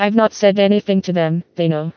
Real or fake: fake